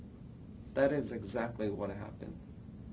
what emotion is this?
neutral